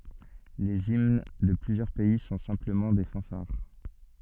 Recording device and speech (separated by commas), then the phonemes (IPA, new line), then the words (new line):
soft in-ear microphone, read sentence
lez imn də plyzjœʁ pɛi sɔ̃ sɛ̃pləmɑ̃ de fɑ̃faʁ
Les hymnes de plusieurs pays sont simplement des fanfares.